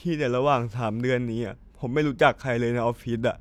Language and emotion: Thai, sad